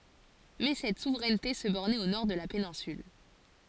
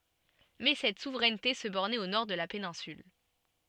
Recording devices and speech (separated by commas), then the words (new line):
forehead accelerometer, soft in-ear microphone, read sentence
Mais cette souveraineté se bornait au nord de la péninsule.